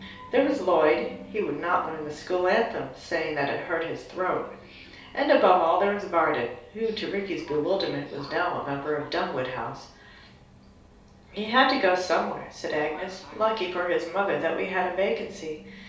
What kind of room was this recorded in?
A small room.